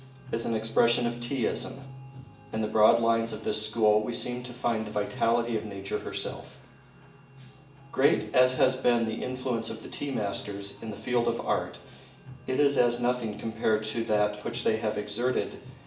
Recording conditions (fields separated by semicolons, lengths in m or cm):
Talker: one person; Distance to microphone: 1.8 m; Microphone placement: close; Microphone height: 1.0 m; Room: large; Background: music